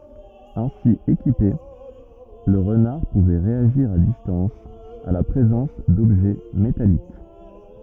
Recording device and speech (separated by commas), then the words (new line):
rigid in-ear microphone, read sentence
Ainsi équipé, le renard pouvait réagir à distance à la présence d'objets métalliques.